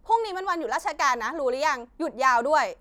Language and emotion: Thai, angry